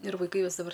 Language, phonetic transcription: Lithuanian, ir vaiˈkai ˈjos daˈbar

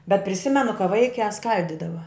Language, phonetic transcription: Lithuanian, bet priˈsimenu ka ˈvaikiā ˈskaldydava

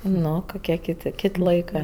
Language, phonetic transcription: Lithuanian, ˈno koˈkie ˈkit' ˈkit' ˈlaikɜ

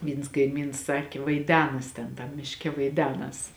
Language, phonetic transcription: Lithuanian, ˈvyns kaiˈmyns ˈsakė vaiˈdenas ˈten tam mišˈke vaiˈdenas

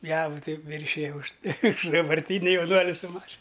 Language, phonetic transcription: Lithuanian, ˈjavu ˈtai ˈviršija už už dabarˈtyni jauˈnuoli su ˈmašin

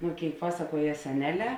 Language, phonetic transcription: Lithuanian, ˈno ˈkėik ˈpasaˌkuoje seˈneˌlē

